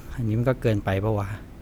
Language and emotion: Thai, frustrated